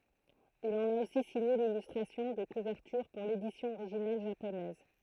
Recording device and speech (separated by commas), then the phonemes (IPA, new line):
throat microphone, read sentence
il ɑ̃n a osi siɲe lilystʁasjɔ̃ də kuvɛʁtyʁ puʁ ledisjɔ̃ oʁiʒinal ʒaponɛz